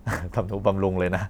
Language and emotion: Thai, happy